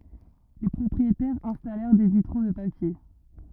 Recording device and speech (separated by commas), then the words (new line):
rigid in-ear microphone, read sentence
Les propriétaires installèrent des vitraux de papier.